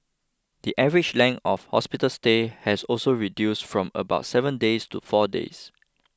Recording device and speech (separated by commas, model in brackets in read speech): close-talking microphone (WH20), read sentence